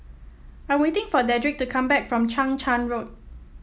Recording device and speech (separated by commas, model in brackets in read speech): mobile phone (iPhone 7), read sentence